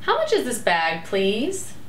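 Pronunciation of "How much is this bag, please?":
'How much is this bag, please?' is said with a rising intonation, as a friendly and polite phrase.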